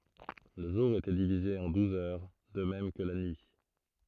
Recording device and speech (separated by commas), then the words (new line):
throat microphone, read sentence
Le jour était divisé en douze heures, de même que la nuit.